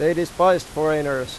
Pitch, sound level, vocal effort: 155 Hz, 94 dB SPL, very loud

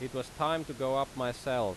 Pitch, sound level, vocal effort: 130 Hz, 91 dB SPL, loud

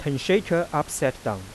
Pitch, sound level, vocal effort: 145 Hz, 90 dB SPL, soft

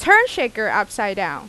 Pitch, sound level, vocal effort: 220 Hz, 93 dB SPL, very loud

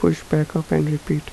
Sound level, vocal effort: 77 dB SPL, soft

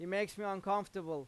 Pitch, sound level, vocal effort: 195 Hz, 94 dB SPL, loud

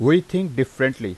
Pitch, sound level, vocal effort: 135 Hz, 89 dB SPL, loud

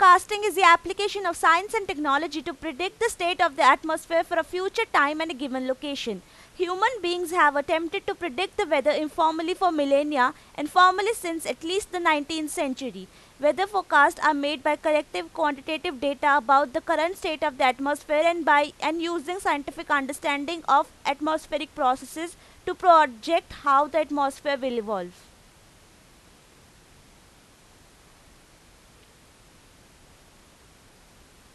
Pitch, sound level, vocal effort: 320 Hz, 95 dB SPL, very loud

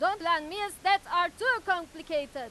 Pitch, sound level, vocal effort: 350 Hz, 104 dB SPL, very loud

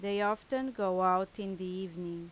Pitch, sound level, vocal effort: 190 Hz, 87 dB SPL, loud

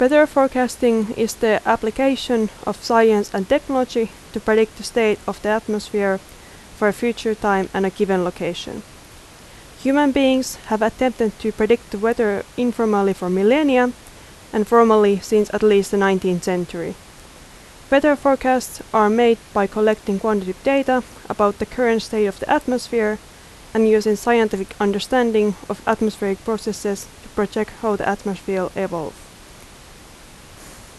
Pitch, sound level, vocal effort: 220 Hz, 83 dB SPL, loud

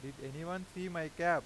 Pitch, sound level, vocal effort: 170 Hz, 94 dB SPL, loud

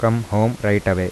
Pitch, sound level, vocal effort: 105 Hz, 82 dB SPL, soft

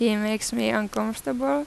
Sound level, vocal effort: 85 dB SPL, normal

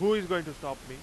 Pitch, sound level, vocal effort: 150 Hz, 100 dB SPL, very loud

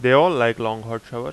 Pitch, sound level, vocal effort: 115 Hz, 91 dB SPL, loud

